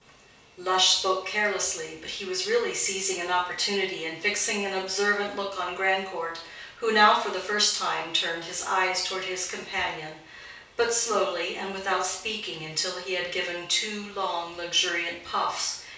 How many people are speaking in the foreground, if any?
One person.